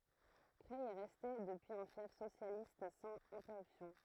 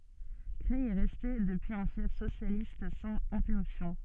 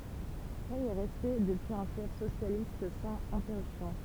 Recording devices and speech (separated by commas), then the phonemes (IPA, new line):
throat microphone, soft in-ear microphone, temple vibration pickup, read sentence
kʁɛj ɛ ʁɛste dəpyiz œ̃ fjɛf sosjalist sɑ̃z ɛ̃tɛʁypsjɔ̃